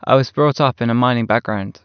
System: none